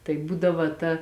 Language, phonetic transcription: Lithuanian, tai ˈbūdava ta

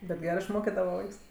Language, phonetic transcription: Lithuanian, bet ˈgerɜ išˈmokidava ˈvaiks

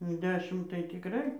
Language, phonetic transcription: Lithuanian, jau ˈdešim tai tikˈrai

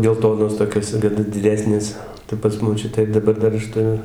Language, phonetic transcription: Lithuanian, gelˈtonos toˈkios gi d diˈdesnės tai pas moˈčiutę ir daˈbar ˈdar ˈaš tuˈriu

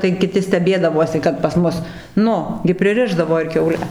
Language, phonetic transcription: Lithuanian, tai kiˈti steˈbėdavuosi kad pas ˈmus ˈnu gi priˈrišdavo ir kiauˈle

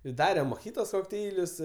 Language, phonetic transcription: Lithuanian, i ˈdarem moˈhitos kokˈteilius

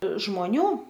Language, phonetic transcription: Lithuanian, žmoˈnių

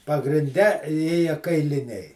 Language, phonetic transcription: Lithuanian, pagrinˈde ˈėja kailiˈniai

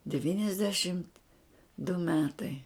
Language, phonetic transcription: Lithuanian, deˈvyniasdešimt du ˈmetai

